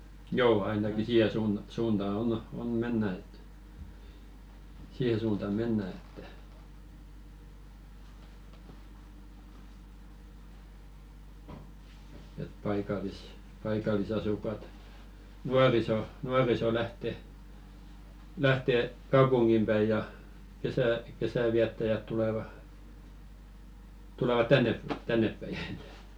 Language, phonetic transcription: Finnish, "joo 'ainaki 'siihe suun- , suuntaa on , 'on 'mennä et , 'siihe suunta "mennä että , et 'paikalis- , paikalisasuk̀at , "nuariso , 'nuariso lähte , 'lähte "kaupuŋɢim ʙäi ja , kesä- , 'kesä̀viättäjät tuleva , 'tuleva "tännep- 'tänneppäi .
- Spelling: joo ainakin siihen - suuntaan on on mennään että siihen suunta mennään että että - paikallisasukkaat nuoriso nuoriso lähtee lähtee kaupunkiin päin ja - kesänviettäjät tulevat tulevat - tännepäin

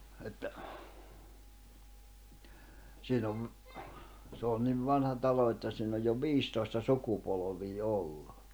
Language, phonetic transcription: Finnish, että , 'siin ‿ov , se ‿oon niv 'vanha 'talo että siin ‿oj jo "viistòi̬sta "sukupolovii "ollu .
- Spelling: että siinä on se on niin vanha talo että siinä on jo viisitoista sukupolvea ollut

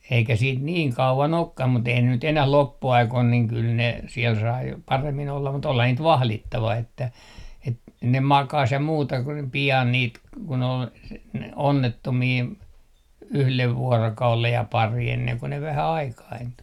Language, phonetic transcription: Finnish, eikä 'siit "niiŋ 'kauvan 'okkam mut eihän ne nyt 'enäh "loppu₍aikoin niiŋ kyl ne , siel sai 'paremmin ollam mut olha 'niit "vahlittava että , et- , 'ne "makas ja 'muuta ku ne 'pi₍an 'niit , kun ‿ol s- , ne "onnettomii , "yhlev 'vuorokaulej ja 'pari enneŋ ko 'vähä "aikaintu .
- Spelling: eikä siitä niin kauan olekaan mutta eihän ne nyt enää loppuaikoina niin kyllä ne siellä sai paremmin olla mutta olihan niitä vahdittava että - ne makasi ja muuta kuin ne pian niitä kun oli - ne onnettomia yhden vuorokauden ja pari ennen kuin vähän aikaintui

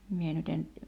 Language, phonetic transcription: Finnish, 'mie nyt ‿en ,.
- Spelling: minä nyt en

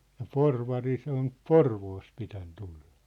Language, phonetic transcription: Finnish, ja "Porvari se ‿on , "Porvoost 'pitän 'tulʟᴀ .
- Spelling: ja Porvari se on Porvoosta pitänyt tulla

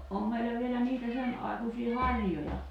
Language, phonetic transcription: Finnish, '’om meillä vielä 'niitä 'sen ’ài̬kusii "harj̀oja .
- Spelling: on meillä vielä niitä sen aikuisia harjoja

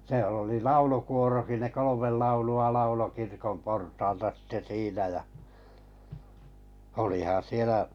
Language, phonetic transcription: Finnish, sⁱᵉˡ ‿oli "laulukuoroki ne 'kolomel 'laulu₍a 'laulo kirkom 'portaalta sitte 'siinä ja , olihan̬ 'sielä ,.
- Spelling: siellä oli laulukuorokin ne kolme laulua lauloi kirkon portaalta sitten siinä ja olihan siellä

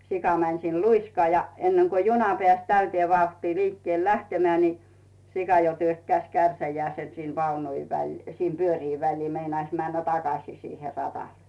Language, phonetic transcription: Finnish, 'sika mäń siin "luiskaa ja enneŋko 'juna pᵉä̀s 'täytⁱee 'vauhtii 'liikkⁱèl 'lähtemᵉä̀ ni , 'sika jo 'työkkäⁱs "kärsäjä̀ese sin 'vaunut väĺ- , sim 'pyörii 'väĺlii 'meinais männä "takasì siihe 'ratàl .
- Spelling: sika meni siinä luiskaan ja ennen kuin juna pääsi täyteen vauhtiin liikkeelle lähtemään niin sika jo työkkäsi kärsänsä sinne vaunut - sinne pyörien väliin meinasi mennä takaisin siihen radalle

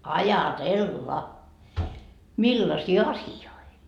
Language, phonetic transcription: Finnish, 'aja"tella , "millasii 'asi₍oi .
- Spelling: ajatella millaisia asioita

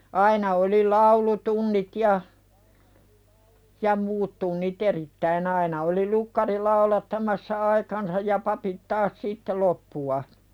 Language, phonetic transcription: Finnish, 'aina oli 'laulu"tunnit ja , ja 'muut tunni"t ‿erittäin ‿aina oli 'lukkari "laulattamassa "aikansaj ja papit 'taas sitte "loppu₍a .
- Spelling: aina oli laulutunnit ja ja muut tunnit erittäin aina oli lukkari laulattamassa aikansa ja papit taas sitten loppua

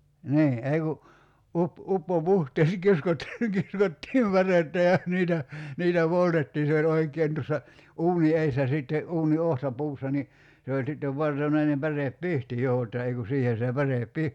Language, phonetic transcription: Finnish, 'nii , 'ei ku , 'up- , 'uppo"puhtees[sa] 'kiskot- , 'kiskottiim 'pärettä ja 'niitä , "niitä 'poltettiin̬ se oĺ 'oik̀een tussa , 'uuni "eissä sìtte , 'uuni 'ohta'puussa ni , se oĺ 'sittev '(vartonainem) 'pärep"pihti jo [j]otta 'ei ku "siihen̬ se 'pärèp "pi- ,.
- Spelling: niin ei kun - uppopuhteessa - kiskottiin pärettä ja niitä niitä poltettiin se oli oikein tuossa uunin edessä sitten uunin otsapuussa niin se oli sitten vartonainen pärepihti jo jotta ei kun siihen se päre -

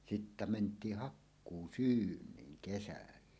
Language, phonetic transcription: Finnish, sittä 'ment̀iih 'hakkuu"syyǹiiŋ 'kesällä .
- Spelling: sitten mentiin hakkuusyyniin kesällä

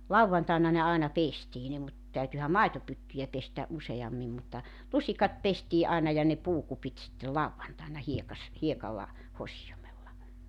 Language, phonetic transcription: Finnish, "lauwvantàena ne 'àina "pestii ne mut , 'täytyhä "maitopyttyjä pestä '’use₍ammim mutta , 'lusikat 'pestii’ ’aina ja ne 'puukupit sittel "lavvantàena 'hiekas- , 'hiekalla , 'hosijomella .
- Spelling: lauantaina ne aina pestiin ne mutta täytyihän maitopyttyjä pestä useammin mutta lusikat pestiin’ aina ja ne puukupit sitten lauantaina - hiekalla hosioimella

